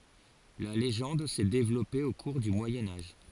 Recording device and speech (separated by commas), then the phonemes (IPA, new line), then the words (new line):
forehead accelerometer, read sentence
la leʒɑ̃d sɛ devlɔpe o kuʁ dy mwajɛ̃ aʒ
La légende s'est développée au cours du Moyen Âge.